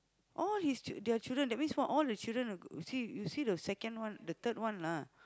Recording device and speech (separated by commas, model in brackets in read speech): close-talking microphone, conversation in the same room